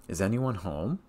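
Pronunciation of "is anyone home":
In 'is anyone home', the voice rises on 'home'.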